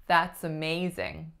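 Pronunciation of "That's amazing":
The main stress of the phrase falls on the 'ma' syllable of 'amazing'.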